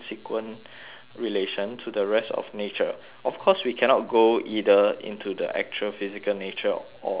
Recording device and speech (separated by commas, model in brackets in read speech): telephone, conversation in separate rooms